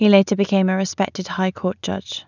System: none